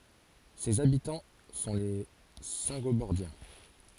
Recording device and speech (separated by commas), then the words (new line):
forehead accelerometer, read sentence
Ses habitants sont les Saingobordiens.